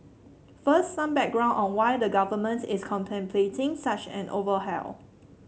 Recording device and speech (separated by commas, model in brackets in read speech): mobile phone (Samsung C7), read sentence